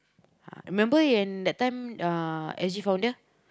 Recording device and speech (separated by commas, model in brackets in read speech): close-talking microphone, conversation in the same room